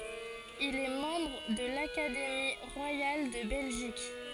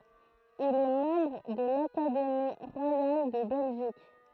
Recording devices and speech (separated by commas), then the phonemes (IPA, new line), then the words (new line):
forehead accelerometer, throat microphone, read sentence
il ɛ mɑ̃bʁ də lakademi ʁwajal də bɛlʒik
Il est membre de l'Académie royale de Belgique.